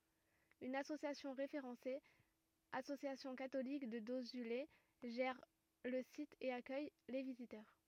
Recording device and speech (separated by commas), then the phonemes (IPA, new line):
rigid in-ear microphone, read sentence
yn asosjasjɔ̃ ʁefeʁɑ̃se asosjasjɔ̃ katolik də dozyle ʒɛʁ lə sit e akœj le vizitœʁ